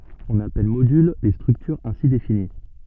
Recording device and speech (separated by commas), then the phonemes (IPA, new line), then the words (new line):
soft in-ear microphone, read sentence
ɔ̃n apɛl modyl le stʁyktyʁz ɛ̃si defini
On appelle modules les structures ainsi définies.